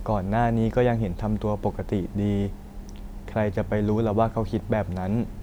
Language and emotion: Thai, neutral